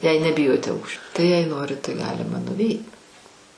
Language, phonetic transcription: Lithuanian, jei neˈbijote ˈaukščio tai jei ˈnorit tai ˈgalima nuˈveit

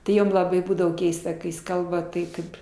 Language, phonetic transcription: Lithuanian, ti ˈjom laˈbai ˈbūdavo ˈkeista kai jis ˈkalba ˈtai ˈkaip

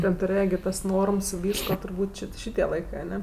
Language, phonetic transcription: Lithuanian, ten tuˈrėja gi ˈtas ˈnorms i ˈvysko turˈbūt' ˈči ˈšitie ˈlaikɜ aˈne

